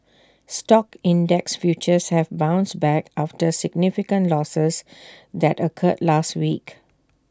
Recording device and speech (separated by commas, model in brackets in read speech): standing microphone (AKG C214), read sentence